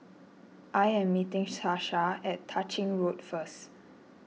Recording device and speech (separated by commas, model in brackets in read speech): mobile phone (iPhone 6), read sentence